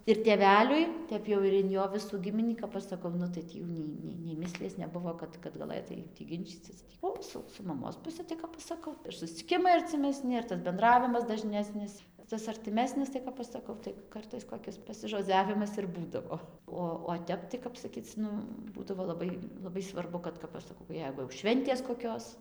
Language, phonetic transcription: Lithuanian, ir tėˈveliui ˈtep jau ir in ˈjo ˈvisų ˈgiminį kap ˈaš saˈkau ˈnu tai ˈtį jau nei ˈnei nei ˈmislies neˈbuvo ˈkad kad gaˈlɘtai tį ˈginčycis ˈo su su maˈmos puˈsi tai ˈkap aš saˈkau ir susciˈkimai arcimeˈsni ir ˈtas benˈdravimas daˈžnesnis ˈtas artiˈmesnis tai ˈkap aš saˈkau tai ˈkartais koˈkis pasižoˈdziavimas ir ˈbūdavo ˈo o ˈtep tai kap saˈkyc ˈnu ˈbūdavo laˈbai laˈbai svarˈbu kad kap ˈaš saˈkau ˈjeigu jau ˈšventės koˈkios

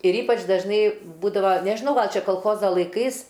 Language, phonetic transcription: Lithuanian, ir ˈypač dažˈnai ˈbūdava nežiˈnau ˈgal ˈčia kolˈchoza laiˈkais

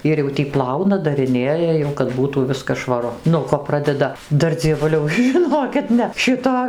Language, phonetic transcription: Lithuanian, ˈir jau tį ˈplauna dariˈnėja jau kad ˈbūtų ˈviskas švaˈru nuo ˈko ˈpradeda ˈdar dzieˈvuliau žiˈnokit ˈne ˈšito

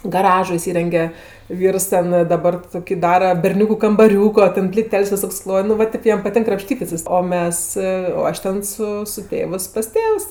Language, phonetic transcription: Lithuanian, gaˈražo iˈsyrenge ˈvyrs ˈten daˈbar ˈtoki ˈdara berˈniūku kambaˈriūko ˈten pliˈtel's' viˈsok's ˈkloj nu va ˈtėp ˈjam paˈtink krapˈštytis o ˈmes o ˈaš ten su su ˈtėvɜs pas ˈtėvs

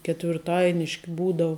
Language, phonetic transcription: Lithuanian, ketvirˈtainiški ˈbūdau

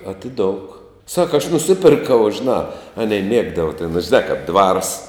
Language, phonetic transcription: Lithuanian, atiˈdouk ˈsaka aš nuˈsiperkau žėˈnā ˈanei ˈmiegdava ten žiˈnā kap dvars

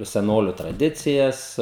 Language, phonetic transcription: Lithuanian, seˈnoliu traˈdicijas

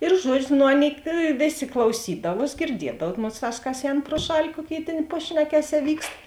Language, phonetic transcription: Lithuanian, ir ˈžuodžiu no ˈaˌnėi ˈvėˌsė klauˈsydavuos girˈdiedav ˈmosˌtās kas ˈēn pro ˈšali ˈkuoˌkėi ˈtėn ˈpašnekeˌsē ˈvykst

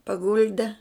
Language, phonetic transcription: Lithuanian, paˈgulde

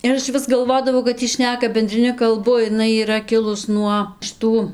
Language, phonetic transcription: Lithuanian, ir ˈaš vis galˈvodavau kad ˈy ˈšneka bendriˈni kalˈbu iˈnai yˈra ˈkilus nuo šiˈtų

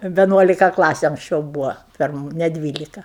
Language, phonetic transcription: Lithuanian, veˈnuolika ˈklasiu anksˈčiau ˈbūvo ˈpirmu ne ˈdvylika

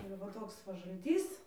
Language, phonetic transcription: Lithuanian, ir va ˈtoks va žalˈtys

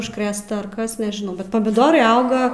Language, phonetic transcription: Lithuanian, užkˈrėsta ar ˈkas nežiˈnau bet pamiˈdorai ˈauga

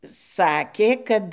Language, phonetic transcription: Lithuanian, ˈsakė ˈkad

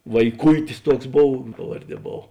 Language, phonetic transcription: Lithuanian, vaiˈkuitis ˈtuoks ˈbov ˈpavarˌdie ˈbov

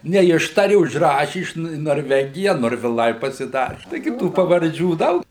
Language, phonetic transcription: Lithuanian, neˈištari užˈraši ˈiš nu i norˈvegija norviˈlai pasiˈdari taiˈgi ˈtų pavarˈdžių ˈdaug

